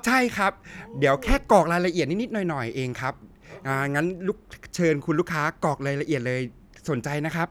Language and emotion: Thai, happy